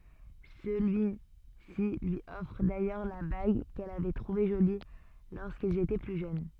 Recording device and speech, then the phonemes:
soft in-ear microphone, read sentence
səlyi si lyi ɔfʁ dajœʁ la baɡ kɛl avɛ tʁuve ʒoli loʁskilz etɛ ply ʒøn

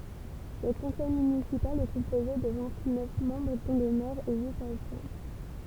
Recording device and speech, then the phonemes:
temple vibration pickup, read sentence
lə kɔ̃sɛj mynisipal ɛ kɔ̃poze də vɛ̃t nœf mɑ̃bʁ dɔ̃ lə mɛʁ e yit adʒwɛ̃

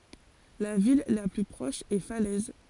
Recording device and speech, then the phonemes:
forehead accelerometer, read sentence
la vil la ply pʁɔʃ ɛ falɛz

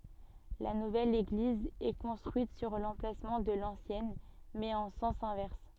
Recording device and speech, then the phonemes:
soft in-ear microphone, read sentence
la nuvɛl eɡliz ɛ kɔ̃stʁyit syʁ lɑ̃plasmɑ̃ də lɑ̃sjɛn mɛz ɑ̃ sɑ̃s ɛ̃vɛʁs

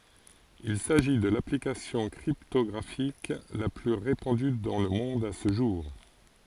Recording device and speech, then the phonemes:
forehead accelerometer, read sentence
il saʒi də laplikasjɔ̃ kʁiptɔɡʁafik la ply ʁepɑ̃dy dɑ̃ lə mɔ̃d sə ʒuʁ

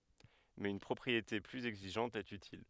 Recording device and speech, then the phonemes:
headset microphone, read sentence
mɛz yn pʁɔpʁiete plyz ɛɡziʒɑ̃t ɛt ytil

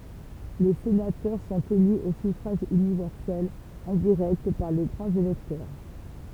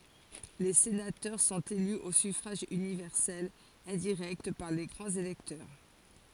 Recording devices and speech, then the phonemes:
temple vibration pickup, forehead accelerometer, read sentence
le senatœʁ sɔ̃t ely o syfʁaʒ ynivɛʁsɛl ɛ̃diʁɛkt paʁ le ɡʁɑ̃z elɛktœʁ

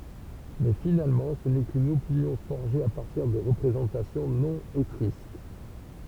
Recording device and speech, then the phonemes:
temple vibration pickup, read sentence
mɛ finalmɑ̃ sə nɛ kyn opinjɔ̃ fɔʁʒe a paʁtiʁ də ʁəpʁezɑ̃tasjɔ̃ nɔ̃ etʁysk

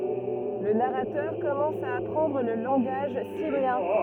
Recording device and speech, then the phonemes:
rigid in-ear microphone, read sentence
lə naʁatœʁ kɔmɑ̃s a apʁɑ̃dʁ lə lɑ̃ɡaʒ simjɛ̃

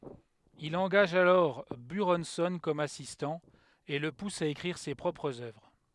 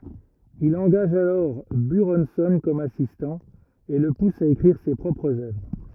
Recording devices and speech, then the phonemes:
headset microphone, rigid in-ear microphone, read sentence
il ɑ̃ɡaʒ alɔʁ byʁɔ̃sɔ̃ kɔm asistɑ̃ e lə pus a ekʁiʁ se pʁɔpʁz œvʁ

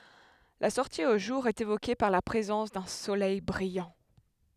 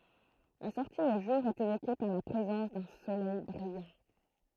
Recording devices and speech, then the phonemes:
headset microphone, throat microphone, read sentence
la sɔʁti o ʒuʁ ɛt evoke paʁ la pʁezɑ̃s dœ̃ solɛj bʁijɑ̃

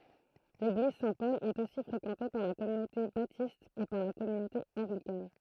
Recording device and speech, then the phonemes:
throat microphone, read sentence
leɡliz sɛ̃tpɔl ɛt osi fʁekɑ̃te paʁ la kɔmynote batist e paʁ la kɔmynote ɑ̃ɡlikan

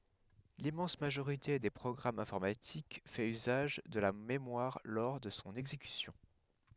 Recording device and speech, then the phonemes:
headset microphone, read sentence
limmɑ̃s maʒoʁite de pʁɔɡʁamz ɛ̃fɔʁmatik fɛt yzaʒ də la memwaʁ lɔʁ də sɔ̃ ɛɡzekysjɔ̃

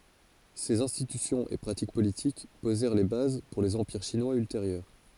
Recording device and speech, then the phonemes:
forehead accelerometer, read sentence
sez ɛ̃stitysjɔ̃z e pʁatik politik pozɛʁ le baz puʁ lez ɑ̃piʁ ʃinwaz ylteʁjœʁ

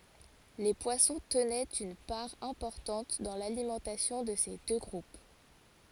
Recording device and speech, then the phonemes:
forehead accelerometer, read sentence
le pwasɔ̃ tənɛt yn paʁ ɛ̃pɔʁtɑ̃t dɑ̃ lalimɑ̃tasjɔ̃ də se dø ɡʁup

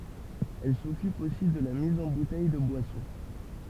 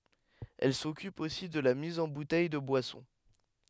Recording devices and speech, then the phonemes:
temple vibration pickup, headset microphone, read sentence
ɛl sɔkyp osi də la miz ɑ̃ butɛj də bwasɔ̃

